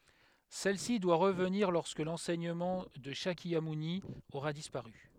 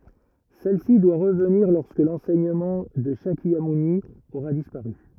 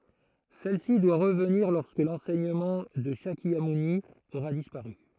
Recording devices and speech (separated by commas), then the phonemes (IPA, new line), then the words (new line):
headset microphone, rigid in-ear microphone, throat microphone, read sentence
sɛl si dwa ʁəvniʁ lɔʁskə lɑ̃sɛɲəmɑ̃ də ʃakjamuni oʁa dispaʁy
Celle-ci doit revenir lorsque l'enseignement de Shakyamouni aura disparu.